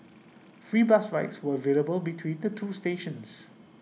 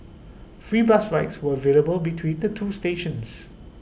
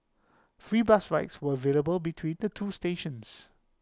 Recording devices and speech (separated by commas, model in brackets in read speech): mobile phone (iPhone 6), boundary microphone (BM630), close-talking microphone (WH20), read sentence